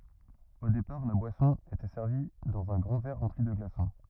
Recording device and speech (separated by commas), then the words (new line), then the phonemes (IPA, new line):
rigid in-ear microphone, read sentence
Au départ, la boisson était servie dans un grand verre rempli de glaçons.
o depaʁ la bwasɔ̃ etɛ sɛʁvi dɑ̃z œ̃ ɡʁɑ̃ vɛʁ ʁɑ̃pli də ɡlasɔ̃